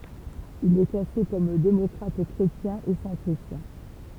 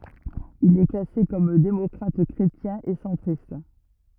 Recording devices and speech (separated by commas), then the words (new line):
temple vibration pickup, rigid in-ear microphone, read sentence
Il est classé comme démocrate-chrétien et centriste.